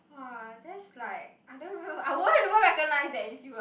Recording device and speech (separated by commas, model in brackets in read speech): boundary microphone, conversation in the same room